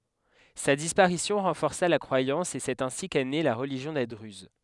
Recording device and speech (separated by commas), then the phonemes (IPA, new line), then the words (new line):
headset microphone, read sentence
sa dispaʁisjɔ̃ ʁɑ̃fɔʁsa la kʁwajɑ̃s e sɛt ɛ̃si kɛ ne la ʁəliʒjɔ̃ de dʁyz
Sa disparition renforça la croyance et c'est ainsi qu'est née la religion des druzes.